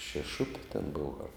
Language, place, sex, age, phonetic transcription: Lithuanian, Žemaitija, male, 60+, šeˈšupi ten ˈbova ar

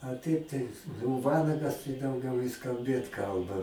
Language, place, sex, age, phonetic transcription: Lithuanian, Aukštaitija, male, 60+, a ˈtaip tai nū ˈvanagas tai dauˈgiau jis kalˈbėt ˈkalba

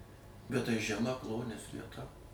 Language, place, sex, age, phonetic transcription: Lithuanian, Suvalkija, male, 60+, bet tai žeˈma ˈklonies vieˈta

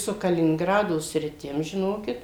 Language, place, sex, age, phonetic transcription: Lithuanian, Suvalkija, female, 60+, su kalininˈgrado sriˈtim žiˈnokit

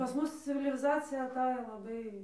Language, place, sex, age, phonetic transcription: Lithuanian, Dzūkija, female, 18-60, pas ˈmus civiliˈzacija aˈtajo laˈbai

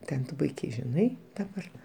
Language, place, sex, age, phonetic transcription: Lithuanian, Aukštaitija, male, 60+, ˈten tu ˈpuikiai žiˈnai daˈbar

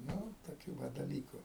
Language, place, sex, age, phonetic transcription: Lithuanian, Aukštaitija, male, 60+, ˈnu toˈkių ˈva daˈlyku

